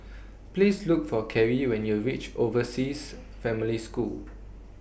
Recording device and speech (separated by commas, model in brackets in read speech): boundary microphone (BM630), read sentence